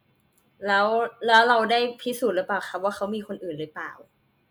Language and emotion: Thai, neutral